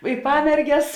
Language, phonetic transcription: Lithuanian, i ˈpamerges

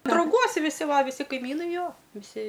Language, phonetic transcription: Lithuanian, drauˈguos viˈsi ˈva viˈsi kaiˈmynai ˈjo viˈsi

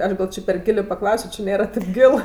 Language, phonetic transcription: Lithuanian, ˈaš gal' ˈčė per ˈgilė paˈklausio či ˈnėra tėp ˈgil

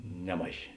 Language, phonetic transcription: Lithuanian, ˈnemaˌžė

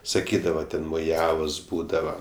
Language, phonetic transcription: Lithuanian, saˈkydava ˈten moˈjavos ˈbūdava

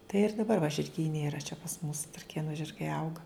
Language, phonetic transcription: Lithuanian, tai ir daˈbar va žirˈgyne yˈra čia pas mus traˈkėnu žirˈgai ˈauga

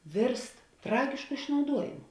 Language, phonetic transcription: Lithuanian, ˈvėrst ˈtragišku išnauˈduojimu

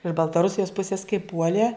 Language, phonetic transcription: Lithuanian, iš baltaˈrusijos ˈpusis kai ˈpuolė

